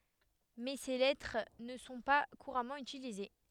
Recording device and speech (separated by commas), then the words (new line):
headset microphone, read sentence
Mais ces lettres ne sont pas couramment utilisés.